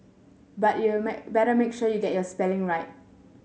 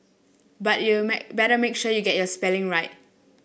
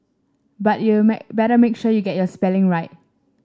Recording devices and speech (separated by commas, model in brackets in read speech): mobile phone (Samsung S8), boundary microphone (BM630), standing microphone (AKG C214), read sentence